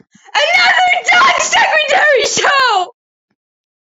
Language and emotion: English, sad